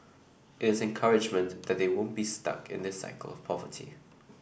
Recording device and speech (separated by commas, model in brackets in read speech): boundary microphone (BM630), read sentence